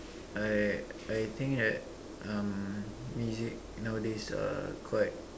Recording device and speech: standing microphone, conversation in separate rooms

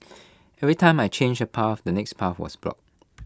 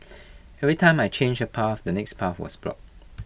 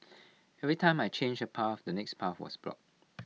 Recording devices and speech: close-talking microphone (WH20), boundary microphone (BM630), mobile phone (iPhone 6), read sentence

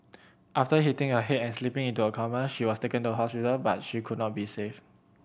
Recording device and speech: boundary microphone (BM630), read sentence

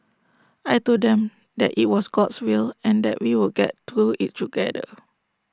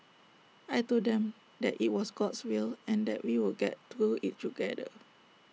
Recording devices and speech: standing microphone (AKG C214), mobile phone (iPhone 6), read sentence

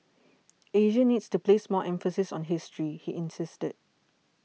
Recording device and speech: mobile phone (iPhone 6), read sentence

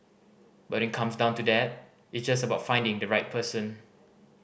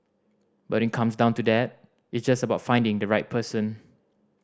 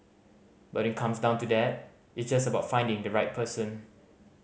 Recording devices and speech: boundary microphone (BM630), standing microphone (AKG C214), mobile phone (Samsung C5010), read sentence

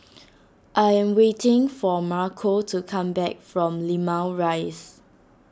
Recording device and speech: standing microphone (AKG C214), read sentence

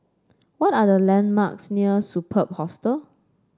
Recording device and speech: standing microphone (AKG C214), read sentence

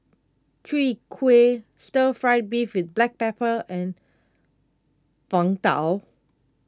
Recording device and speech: close-talking microphone (WH20), read sentence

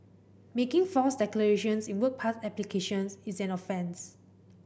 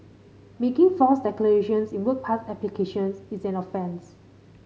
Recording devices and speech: boundary microphone (BM630), mobile phone (Samsung C5010), read sentence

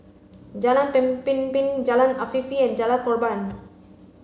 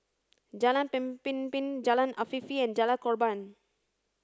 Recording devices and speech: mobile phone (Samsung C5), standing microphone (AKG C214), read sentence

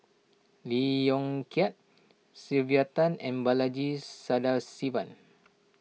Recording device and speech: mobile phone (iPhone 6), read sentence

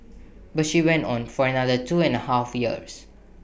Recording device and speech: boundary microphone (BM630), read sentence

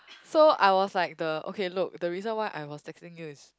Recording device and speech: close-talking microphone, conversation in the same room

